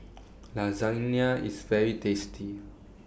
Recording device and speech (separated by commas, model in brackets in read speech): boundary microphone (BM630), read sentence